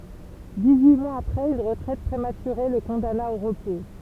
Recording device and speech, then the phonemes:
temple vibration pickup, read sentence
diksyi mwaz apʁɛz yn ʁətʁɛt pʁematyʁe lə kɔ̃dana o ʁəpo

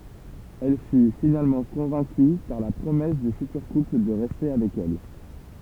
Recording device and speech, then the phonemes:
temple vibration pickup, read sentence
ɛl fy finalmɑ̃ kɔ̃vɛ̃ky paʁ la pʁomɛs dy fytyʁ kupl də ʁɛste avɛk ɛl

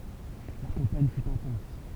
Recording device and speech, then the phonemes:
temple vibration pickup, read sentence
la kɑ̃paɲ fy ɛ̃tɑ̃s

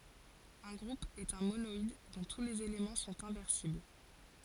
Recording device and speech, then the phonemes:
forehead accelerometer, read sentence
œ̃ ɡʁup ɛt œ̃ monɔid dɔ̃ tu lez elemɑ̃ sɔ̃t ɛ̃vɛʁsibl

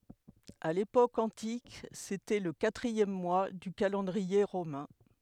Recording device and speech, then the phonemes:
headset microphone, read sentence
a lepok ɑ̃tik setɛ lə katʁiɛm mwa dy kalɑ̃dʁie ʁomɛ̃

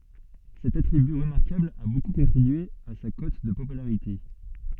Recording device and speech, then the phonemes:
soft in-ear microphone, read sentence
sɛt atʁiby ʁəmaʁkabl a boku kɔ̃tʁibye a sa kɔt də popylaʁite

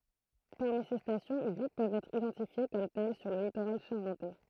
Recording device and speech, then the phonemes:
throat microphone, read sentence
paʁmi se stasjɔ̃ yi pøvt ɛtʁ idɑ̃tifje kɔm tɛl syʁ lə litoʁal ʃaʁɑ̃tɛ

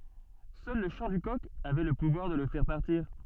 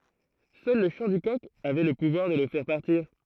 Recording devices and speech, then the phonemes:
soft in-ear microphone, throat microphone, read sentence
sœl lə ʃɑ̃ dy kɔk avɛ lə puvwaʁ də lə fɛʁ paʁtiʁ

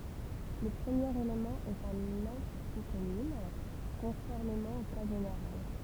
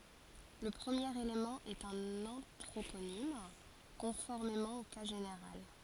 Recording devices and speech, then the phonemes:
temple vibration pickup, forehead accelerometer, read sentence
lə pʁəmjeʁ elemɑ̃ ɛt œ̃n ɑ̃tʁoponim kɔ̃fɔʁmemɑ̃ o ka ʒeneʁal

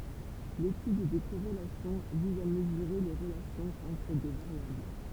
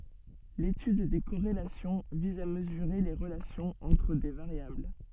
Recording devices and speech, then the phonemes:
temple vibration pickup, soft in-ear microphone, read sentence
letyd de koʁelasjɔ̃ viz a məzyʁe le ʁəlasjɔ̃z ɑ̃tʁ de vaʁjabl

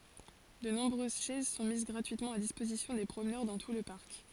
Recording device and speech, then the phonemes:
forehead accelerometer, read sentence
də nɔ̃bʁøz ʃɛz sɔ̃ miz ɡʁatyitmɑ̃ a dispozisjɔ̃ de pʁomnœʁ dɑ̃ tu lə paʁk

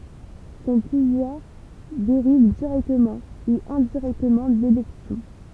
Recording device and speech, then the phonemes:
temple vibration pickup, read sentence
sɔ̃ puvwaʁ deʁiv diʁɛktəmɑ̃ u ɛ̃diʁɛktəmɑ̃ delɛksjɔ̃

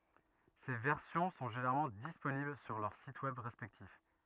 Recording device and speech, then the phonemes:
rigid in-ear microphone, read sentence
se vɛʁsjɔ̃ sɔ̃ ʒeneʁalmɑ̃ disponibl syʁ lœʁ sit wɛb ʁɛspɛktif

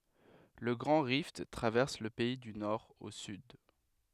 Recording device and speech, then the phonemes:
headset microphone, read sentence
lə ɡʁɑ̃ ʁift tʁavɛʁs lə pɛi dy nɔʁ o syd

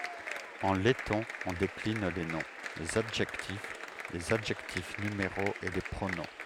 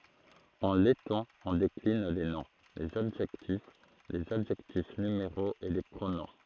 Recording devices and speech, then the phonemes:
headset microphone, throat microphone, read sentence
ɑ̃ lɛtɔ̃ ɔ̃ deklin le nɔ̃ lez adʒɛktif lez adʒɛktif nymeʁoz e le pʁonɔ̃

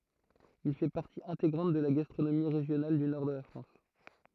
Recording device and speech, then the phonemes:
throat microphone, read sentence
il fɛ paʁti ɛ̃teɡʁɑ̃t də la ɡastʁonomi ʁeʒjonal dy nɔʁ də la fʁɑ̃s

